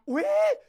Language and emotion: Thai, happy